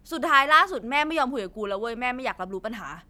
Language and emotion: Thai, frustrated